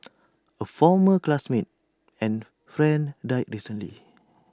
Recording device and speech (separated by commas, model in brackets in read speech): standing microphone (AKG C214), read sentence